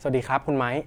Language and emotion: Thai, neutral